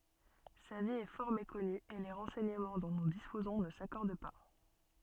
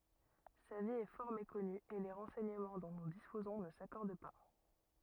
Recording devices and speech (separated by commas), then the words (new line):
soft in-ear microphone, rigid in-ear microphone, read sentence
Sa vie est fort méconnue et les renseignements dont nous disposons ne s'accordent pas.